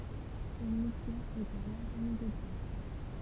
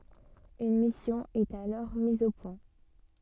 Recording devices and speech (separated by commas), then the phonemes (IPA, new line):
temple vibration pickup, soft in-ear microphone, read sentence
yn misjɔ̃ ɛt alɔʁ miz o pwɛ̃